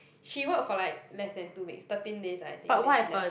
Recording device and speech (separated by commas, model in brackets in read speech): boundary microphone, conversation in the same room